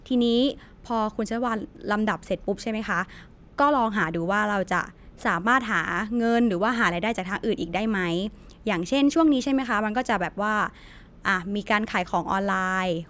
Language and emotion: Thai, neutral